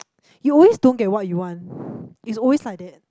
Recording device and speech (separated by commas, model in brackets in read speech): close-talking microphone, conversation in the same room